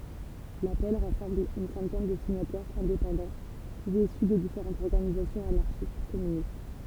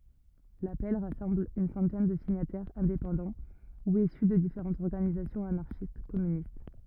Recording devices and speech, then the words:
temple vibration pickup, rigid in-ear microphone, read sentence
L'appel rassemble une centaine de signataires indépendants ou issus de différentes organisations anarchistes-communistes.

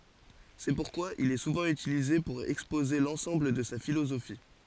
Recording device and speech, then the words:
forehead accelerometer, read sentence
C'est pourquoi il est souvent utilisé pour exposer l'ensemble de sa philosophie.

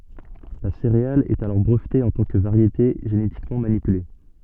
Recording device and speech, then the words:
soft in-ear microphone, read sentence
La céréale est alors brevetée en tant que variété génétiquement manipulée.

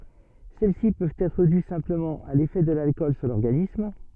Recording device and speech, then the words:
soft in-ear microphone, read sentence
Celles-ci peuvent être dues simplement à l'effet de l'alcool sur l'organisme.

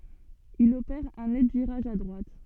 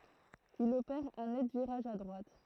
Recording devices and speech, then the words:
soft in-ear microphone, throat microphone, read sentence
Il opère un net virage à droite.

